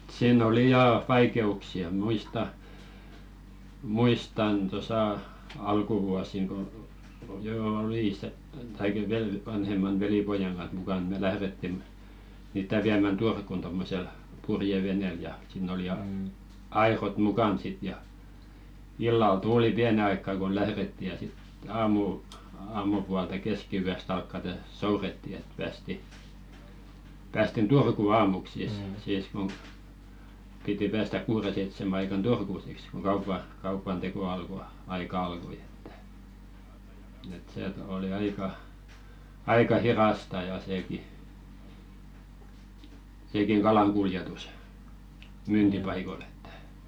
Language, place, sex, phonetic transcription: Finnish, Velkua, male, siin ‿oli 'jaa "vaikeuksi₍a 'muista , 'muistan tosa "alkuvuasiŋ ko 'joo oli ste , taik vel- 'vanhemman "velipojaŋ ɢanh mukan 'me "lähðetti mniit̆tä viämän "Durkun tommosel , "purjevenèl ja , sìn̆n ‿oli 'ja , "airot 'mukan sit ja , "illal 'tuuli "piäne aikka ku 'lähretti ja sit aamu- 'aamupualta 'keski₍yäst ‿alkkate "souretti et päästi , 'päästin "Turkù 'aamuk siis , siis kuŋ , piti "päästäk̆ 'kuure seitsemä aikan "Turku siks ko 'kaupa , kaupan "teko alko , -'aika "alkoⁱ ᴇttᴀ̈ , et 'seet- oli 'aika , aika "hirasta ja seeki , 'seekiŋ "kalaŋ kuljetus , "myyntipaikol ‿ettᴀ̈ .
- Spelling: siinä oli ja vaikeuksia muistan muistan tuossa alkuvuosina kun jo oli sitten tai - vanhemman velipojan kanssa mukana me lähdettiin niitä viemään Turkuun tuommoisella purjeveneellä ja siinä oli ja airot mukana sitten ja illalla tuuli pienen aikaa kun lähdettiin ja sitten - aamupuolta keskiyöstä alkaen soudettiin että päästiin päästiin Turkuun aamuksi siis siis kun piti päästä kuuden seitsemän aikaan Turkuun siksi kun kaupan kaupan teko alkoi aika alkoi että että se oli aika aika hidasta ja sekin sekin kalan kuljetus myyntipaikoille että

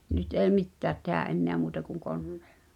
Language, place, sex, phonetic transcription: Finnish, Pihtipudas, female, nyt èi̬ "mittäät tehä’ '’enneä muuta kuŋ "konnᴇᴇʟʟᴀ .
- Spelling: nyt ei mitään tehdä enää muuta kuin koneilla

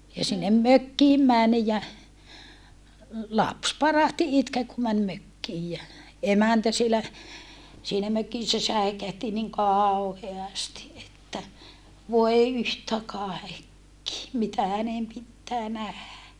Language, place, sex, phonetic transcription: Finnish, Saarijärvi, female, ja sinnem mökkiim män ja , laps parahti itkee ku män mökkiij jä , emäntä sielä , siinä mökissä säi̮kähti niŋ kàu̬heasti ʼettä , » voe yhtä kàekki , mitä hänem pittää nähä .
- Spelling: ja sinne mökkiin meni ja lapsi parahti itkemään kun meni mökkiin ja emäntä siellä siinä mökissä säikähti niin kauheasti että voi yhtä kaikki mitä hänen pitää nähdä

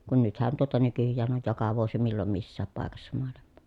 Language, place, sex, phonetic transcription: Finnish, Pielisjärvi, female, kun nythän tuota nykyjjään oj joka vuosi millom missääp pàekassa moalimmO .
- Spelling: kun nythän tuota nykyään on joka vuosi milloin missäkin paikassa maailmaa

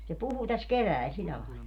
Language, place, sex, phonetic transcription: Finnish, Padasjoki, female, se 'puhu täs "kevä̀il 'sillä làilla .
- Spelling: se puhui tässä keväällä sillä lailla

